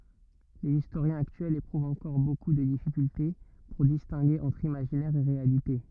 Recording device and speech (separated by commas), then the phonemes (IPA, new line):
rigid in-ear microphone, read sentence
lez istoʁjɛ̃z aktyɛlz epʁuvt ɑ̃kɔʁ boku də difikylte puʁ distɛ̃ɡe ɑ̃tʁ imaʒinɛʁ e ʁealite